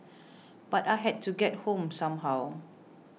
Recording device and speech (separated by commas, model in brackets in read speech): mobile phone (iPhone 6), read sentence